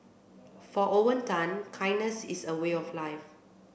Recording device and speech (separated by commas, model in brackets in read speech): boundary microphone (BM630), read sentence